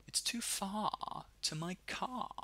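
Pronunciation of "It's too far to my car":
This is said in a British accent, and the er sound is left out in both 'far' and 'car'.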